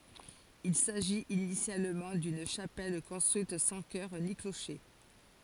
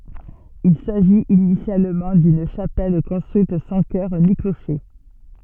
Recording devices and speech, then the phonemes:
forehead accelerometer, soft in-ear microphone, read sentence
il saʒit inisjalmɑ̃ dyn ʃapɛl kɔ̃stʁyit sɑ̃ kœʁ ni kloʃe

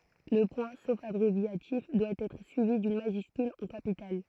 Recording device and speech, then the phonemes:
throat microphone, read sentence
lə pwɛ̃ sof abʁevjatif dwa ɛtʁ syivi dyn maʒyskyl ɑ̃ kapital

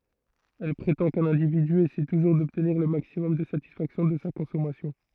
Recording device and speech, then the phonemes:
throat microphone, read sentence
ɛl pʁetɑ̃ kœ̃n ɛ̃dividy esɛ tuʒuʁ dɔbtniʁ lə maksimɔm də satisfaksjɔ̃ də sa kɔ̃sɔmasjɔ̃

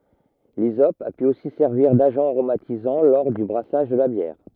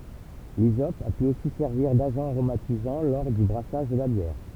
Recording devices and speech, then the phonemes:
rigid in-ear microphone, temple vibration pickup, read sentence
lizɔp a py osi sɛʁviʁ daʒɑ̃ aʁomatizɑ̃ lɔʁ dy bʁasaʒ də la bjɛʁ

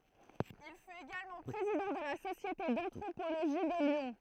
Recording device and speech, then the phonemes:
throat microphone, read sentence
il fyt eɡalmɑ̃ pʁezidɑ̃ də la sosjete dɑ̃tʁopoloʒi də ljɔ̃

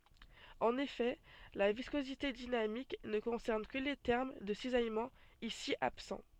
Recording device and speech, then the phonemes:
soft in-ear microphone, read sentence
ɑ̃n efɛ la viskozite dinamik nə kɔ̃sɛʁn kə le tɛʁm də sizajmɑ̃ isi absɑ̃

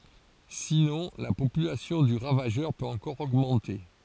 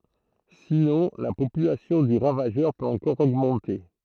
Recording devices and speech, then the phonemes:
forehead accelerometer, throat microphone, read sentence
sinɔ̃ la popylasjɔ̃ dy ʁavaʒœʁ pøt ɑ̃kɔʁ oɡmɑ̃te

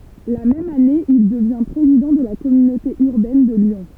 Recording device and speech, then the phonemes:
temple vibration pickup, read sentence
la mɛm ane il dəvjɛ̃ pʁezidɑ̃ də la kɔmynote yʁbɛn də ljɔ̃

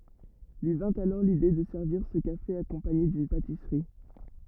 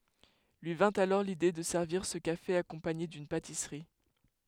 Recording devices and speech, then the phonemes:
rigid in-ear microphone, headset microphone, read sentence
lyi vɛ̃t alɔʁ lide də sɛʁviʁ sə kafe akɔ̃paɲe dyn patisʁi

